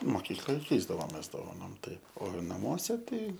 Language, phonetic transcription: Lithuanian, moˈkykloj ˈkeisdavomės dovaˈnom ˈtaip o naˈmuose ˈtai

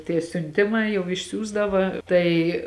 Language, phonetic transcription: Lithuanian, tie siunˈtimai jau išˈsiųsdava ˈtai

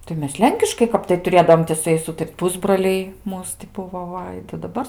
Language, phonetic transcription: Lithuanian, tai ˈmes ˈlenkiškai ˈkap tai tuˈrėdaom ti su ˈjais ˈūtar't' ˈpusbroliai ˈmūs ti ˈbuvo ˈva tai daˈbar

